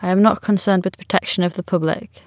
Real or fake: real